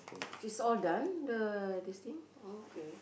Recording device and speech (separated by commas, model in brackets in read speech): boundary microphone, conversation in the same room